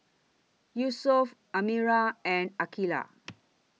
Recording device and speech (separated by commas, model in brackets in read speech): mobile phone (iPhone 6), read sentence